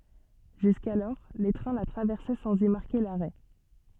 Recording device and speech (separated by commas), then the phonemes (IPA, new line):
soft in-ear microphone, read sentence
ʒyskalɔʁ le tʁɛ̃ la tʁavɛʁsɛ sɑ̃z i maʁke laʁɛ